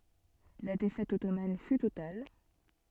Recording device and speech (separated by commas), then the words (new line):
soft in-ear microphone, read sentence
La défaite ottomane fut totale.